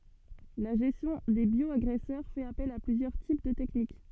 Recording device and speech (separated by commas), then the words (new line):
soft in-ear microphone, read sentence
La gestion des bioagresseurs fait appel à plusieurs types de techniques.